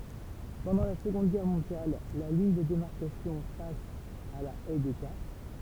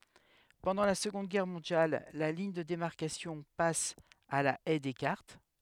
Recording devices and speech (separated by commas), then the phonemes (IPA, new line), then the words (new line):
temple vibration pickup, headset microphone, read sentence
pɑ̃dɑ̃ la səɡɔ̃d ɡɛʁ mɔ̃djal la liɲ də demaʁkasjɔ̃ pas a la ɛj dɛskaʁt
Pendant la Seconde Guerre mondiale, la ligne de démarcation passe à la Haye Descartes.